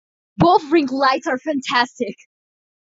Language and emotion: English, happy